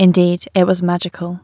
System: none